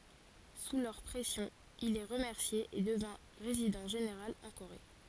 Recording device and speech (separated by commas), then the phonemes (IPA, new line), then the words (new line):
forehead accelerometer, read sentence
su lœʁ pʁɛsjɔ̃ il ɛ ʁəmɛʁsje e dəvɛ̃ ʁezidɑ̃ ʒeneʁal ɑ̃ koʁe
Sous leur pression, il est remercié et devint Résident général en Corée.